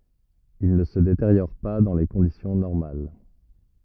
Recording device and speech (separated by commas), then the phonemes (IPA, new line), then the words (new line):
rigid in-ear microphone, read sentence
il nə sə deteʁjɔʁ pa dɑ̃ le kɔ̃disjɔ̃ nɔʁmal
Il ne se détériore pas dans les conditions normales.